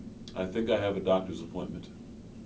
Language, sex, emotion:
English, male, neutral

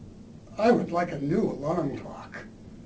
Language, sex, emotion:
English, male, neutral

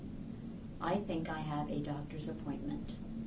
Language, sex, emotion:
English, female, neutral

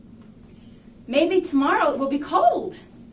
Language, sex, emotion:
English, female, happy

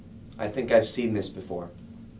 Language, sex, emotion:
English, male, neutral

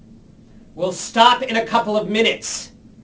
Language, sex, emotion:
English, male, angry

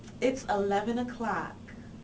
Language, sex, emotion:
English, female, neutral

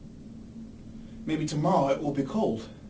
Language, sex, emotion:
English, male, neutral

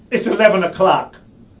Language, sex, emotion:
English, male, angry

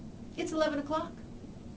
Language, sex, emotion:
English, female, fearful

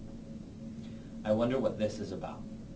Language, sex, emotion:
English, male, neutral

